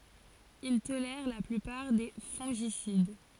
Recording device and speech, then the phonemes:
forehead accelerometer, read sentence
il tolɛʁ la plypaʁ de fɔ̃ʒisid

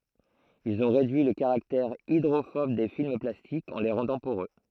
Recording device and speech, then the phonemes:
throat microphone, read sentence
ilz ɔ̃ ʁedyi lə kaʁaktɛʁ idʁofɔb de film plastikz ɑ̃ le ʁɑ̃dɑ̃ poʁø

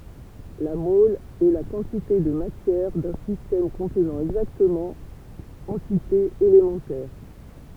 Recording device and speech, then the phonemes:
temple vibration pickup, read sentence
la mɔl ɛ la kɑ̃tite də matjɛʁ dœ̃ sistɛm kɔ̃tnɑ̃ ɛɡzaktəmɑ̃ ɑ̃titez elemɑ̃tɛʁ

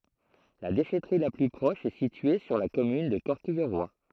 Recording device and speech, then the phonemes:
throat microphone, read sentence
la deʃɛtʁi la ply pʁɔʃ ɛ sitye syʁ la kɔmyn də kɔʁkijʁwa

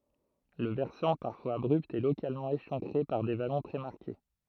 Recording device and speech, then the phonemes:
throat microphone, read sentence
lə vɛʁsɑ̃ paʁfwaz abʁypt ɛ lokalmɑ̃ eʃɑ̃kʁe paʁ de valɔ̃ tʁɛ maʁke

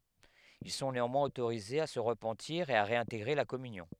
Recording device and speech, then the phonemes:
headset microphone, read sentence
il sɔ̃ neɑ̃mwɛ̃z otoʁizez a sə ʁəpɑ̃tiʁ e a ʁeɛ̃teɡʁe la kɔmynjɔ̃

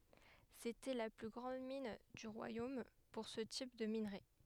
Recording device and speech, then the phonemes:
headset microphone, read sentence
setɛ la ply ɡʁɑ̃d min dy ʁwajom puʁ sə tip də minʁe

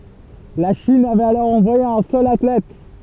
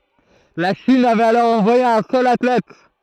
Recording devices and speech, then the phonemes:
temple vibration pickup, throat microphone, read sentence
la ʃin avɛt alɔʁ ɑ̃vwaje œ̃ sœl atlɛt

